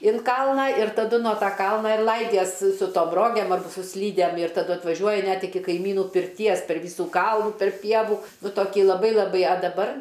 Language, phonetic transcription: Lithuanian, in ˈkalną ir taˈdu nuo ˈta ˈkalna ir ˈlaidies su tom ˈrogem ar su ˈslydem ir taˈdu atvaˈžiuoji ˈnet iˈki kaiˈmynų pirˈties per ˈvysų ˈkalnų tarp ˈpievų nu toˈki laˈbai laˈbai a daˈbar

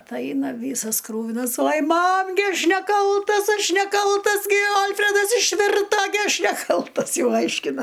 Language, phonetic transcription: Lithuanian, ˈtai ˈaina ˈvysas ˈkrūvinas oj ˈmam gi ˈaš neˈkaltas ˈaš neˈkaltas gi ˈalfredas išˈvirta gi ˈaš neˈkaltas ˈjau ˈaiškina

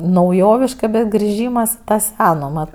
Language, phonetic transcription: Lithuanian, nauˈjoviška bet griˈžymas i ta ˈseno mat

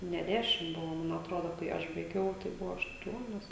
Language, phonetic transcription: Lithuanian, ne dˈešim ˈbuvo ˈman atˈrodo kai ˈaš baiˈgiau tai ˈbuvo ašˈtuonios

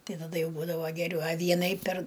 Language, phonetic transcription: Lithuanian, ˈtai taˈda ˈjau ˈbūdavo geˈriau a ˈvienai per

